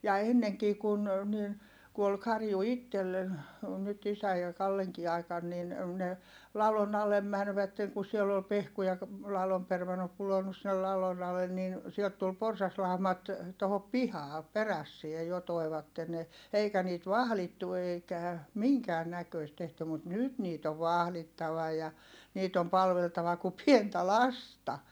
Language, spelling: Finnish, ja ennenkin kun niin kun oli karju itsellä oli nyt isän ja Kallenkin aikana niin ne ladon alle menivät kun siellä oli pehkuja ladon - pudonnut sinne ladon alle niin sieltä tuli porsaslaumat tuohon pihaan perässä jo toivat ne eikä niitä vahdittu eikä minkään näköistä tehty mutta nyt niitä on vahdittava ja niitä on palveltava kuin pientä lasta
- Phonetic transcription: ja enneŋkii kun , niin , ku ol karju ittellen , ol nyt isä ja Kalleŋkii ai̮kan nin , ne , lalon ‿alem mänvätteŋ ku siɛll ‿ol pehkuja , lalom permanno- pulonnus sinnel lalon ‿alen nin , siɛlt tul porsaslàu̬mat , tohop pihaa , perässie jo toi̮vatte ne , eikä niit vahlittu eikä , miŋkään näköist tehty mut nyt niit ‿ov vahlittava ja , niit ‿om palveltava ku pientä lasta .

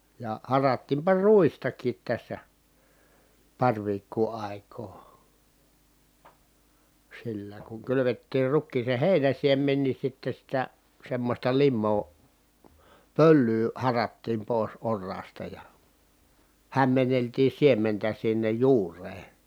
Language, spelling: Finnish, ja harattiinpa ruistakin tässä pari viikkoa aikaa sillä kun kylvettiin rukiiseen heinänsiemen niin sitten sitä semmoista limaa pölyä harattiin pois oraasta ja hämmenneltiin siementä sinne juureen
- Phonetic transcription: ja harattiimpa ruistak̀iit tässä , paŕ viikkuu ài̮koo , sillä kuŋ kylyvettiir rukkiisen̬ hèinän̬siem̀en ni sitte sitä , semmosta limmoo , pöllyy , harattiim pòis orraasta ja , hämmenneltii siementä sinnej juur̀ee .

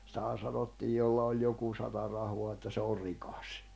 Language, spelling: Finnish, sitähän sanottiin jolla oli joku sata rahaa että se on rikas
- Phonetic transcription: sⁱtähän̬ 'sanottiij jolla oĺ 'joku sata rahoa että se or̆ 'rikas .

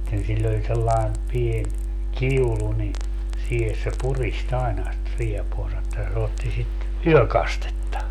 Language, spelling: Finnish, sitten sillä oli sellainen pieni kiulu niin siihen se puristi aina sitä riepuansa että se otti sitä yökastetta
- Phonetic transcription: [sit]ten siĺl ‿oĺ sellaen 'pien , "kiulu ni , 'siihes se "purist ‿aena sⁱt 'riepuansa ‿että se 'otti sit , "yökastetta .

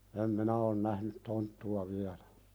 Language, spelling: Finnish, en minä ole nähnyt tonttua vielä
- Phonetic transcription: em 'minä on 'nähnyt "tonttu₍a viälᴀ̈ .

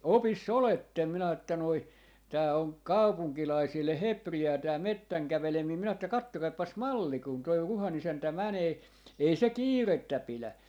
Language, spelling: Finnish, opissa olette minä että noin tämä on kaupunkilaisille hepreaa tämä metsän käveleminen minä että katsokaapas malli kun tuo Ruhan isäntä menee ei se kiirettä pidä
- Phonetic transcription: "opis's ‿olettem » minä että noi , » tää oŋ "kaupuŋkilaisille "hepri₍aa tää "mettäŋ 'kävelemii » 'minä että » 'kattokaippas "malli kun toi 'Ruha'n ‿isäntä "mänee , 'ei se "kiirettä 'pilä .

